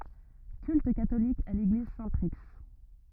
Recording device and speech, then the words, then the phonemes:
rigid in-ear microphone, read sentence
Culte catholique à l'église Saint-Prix.
kylt katolik a leɡliz sɛ̃tpʁi

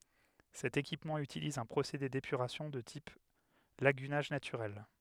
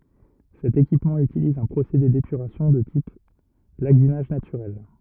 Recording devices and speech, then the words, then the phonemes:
headset microphone, rigid in-ear microphone, read sentence
Cet équipement utilise un procédé d'épuration de type lagunage naturel.
sɛt ekipmɑ̃ ytiliz œ̃ pʁosede depyʁasjɔ̃ də tip laɡynaʒ natyʁɛl

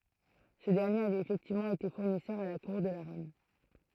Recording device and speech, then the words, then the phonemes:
throat microphone, read sentence
Ce dernier avait effectivement été fournisseur à la cour de la reine.
sə dɛʁnjeʁ avɛt efɛktivmɑ̃ ete fuʁnisœʁ a la kuʁ də la ʁɛn

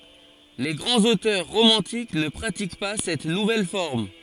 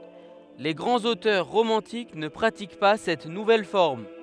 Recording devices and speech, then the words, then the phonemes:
forehead accelerometer, headset microphone, read sentence
Les grands auteurs romantiques ne pratiquent pas cette nouvelle forme.
le ɡʁɑ̃z otœʁ ʁomɑ̃tik nə pʁatik pa sɛt nuvɛl fɔʁm

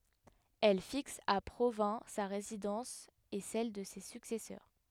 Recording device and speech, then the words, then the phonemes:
headset microphone, read sentence
Elle fixe à Provins sa résidence et celle de ses successeurs.
ɛl fiks a pʁovɛ̃ sa ʁezidɑ̃s e sɛl də se syksɛsœʁ

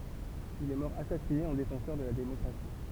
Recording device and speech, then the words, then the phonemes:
temple vibration pickup, read sentence
Il est mort assassiné en défenseur de la démocratie.
il ɛ mɔʁ asasine ɑ̃ defɑ̃sœʁ də la demɔkʁasi

